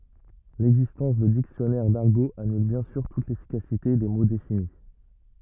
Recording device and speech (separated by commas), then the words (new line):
rigid in-ear microphone, read sentence
L'existence de dictionnaires d'argot annule bien sûr toute l'efficacité des mots définis.